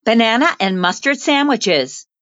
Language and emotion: English, fearful